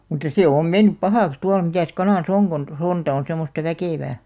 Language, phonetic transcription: Finnish, mutta 'sè om 'mennyp "pahàks 'tual mitä̀s 'kanàs "oŋ kon , 'sonta on̬ semmosta "väkèvää .
- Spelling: mutta se on mennyt pahaksi tuolla mitäs kanassa on kun sonta on semmoista väkevää

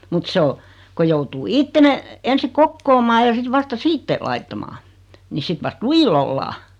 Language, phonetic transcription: Finnish, mut 'se o , ko 'joutuu "itte ne , ensi 'kokkoomaa ja sit 'vasta "siitte , 'laittamaa , ni 'sit vast "lujil ‿ollaa .
- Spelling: mutta se on kun joutuu itse ne ensin kokoamaan ja sitten vasta sitten laittamaan niin sitten vasta lujilla ollaan

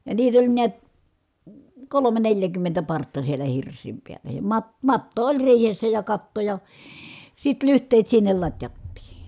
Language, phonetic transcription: Finnish, ja niit ‿oĺ niät , kolome neljäkymmentä partta sielä hirs̆siim piällä ja mat- , matto oĺ riihessä ja katto ja , sit lyht̀eet sinnel lat́jattii .
- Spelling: ja niitä oli näet kolme neljäkymmentä partta siellä hirsien päällä ja - matto oli riihessä ja katto ja sitten lyhteet sinne latjattiin

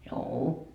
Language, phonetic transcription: Finnish, 'juu₍u .
- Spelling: juu

